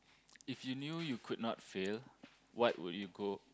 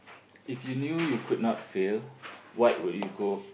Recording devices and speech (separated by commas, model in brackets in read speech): close-talking microphone, boundary microphone, conversation in the same room